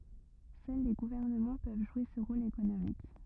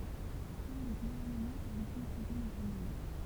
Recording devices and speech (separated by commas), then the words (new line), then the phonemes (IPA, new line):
rigid in-ear microphone, temple vibration pickup, read sentence
Seuls les gouvernements peuvent jouer ce rôle économique.
sœl le ɡuvɛʁnəmɑ̃ pøv ʒwe sə ʁol ekonomik